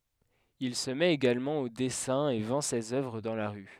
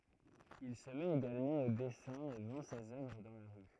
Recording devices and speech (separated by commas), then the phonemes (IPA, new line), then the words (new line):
headset microphone, throat microphone, read sentence
il sə mɛt eɡalmɑ̃ o dɛsɛ̃ e vɑ̃ sez œvʁ dɑ̃ la ʁy
Il se met également au dessin et vend ses œuvres dans la rue.